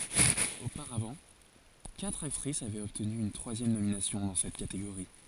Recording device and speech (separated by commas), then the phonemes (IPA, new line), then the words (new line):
forehead accelerometer, read sentence
opaʁavɑ̃ katʁ aktʁis avɛt ɔbtny yn tʁwazjɛm nominasjɔ̃ dɑ̃ sɛt kateɡoʁi
Auparavant, quatre actrice avaient obtenu une troisième nomination dans cette catégorie.